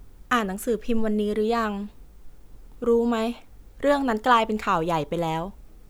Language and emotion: Thai, neutral